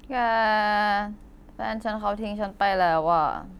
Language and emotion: Thai, sad